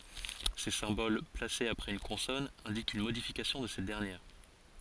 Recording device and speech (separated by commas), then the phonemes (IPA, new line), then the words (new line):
forehead accelerometer, read sentence
se sɛ̃bol plasez apʁɛz yn kɔ̃sɔn ɛ̃dikt yn modifikasjɔ̃ də sɛt dɛʁnjɛʁ
Ces symboles, placés après une consonne, indiquent une modification de cette dernière.